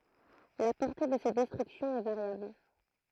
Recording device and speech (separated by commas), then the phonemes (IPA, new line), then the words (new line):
throat microphone, read sentence
la pɔʁte də se dɛstʁyksjɔ̃z ɛ vaʁjabl
La portée de ces destructions est variable.